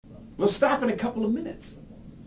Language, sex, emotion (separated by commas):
English, male, angry